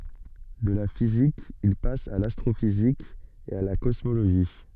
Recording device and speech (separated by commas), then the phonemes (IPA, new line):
soft in-ear microphone, read sentence
də la fizik il pas a lastʁofizik e a la kɔsmoloʒi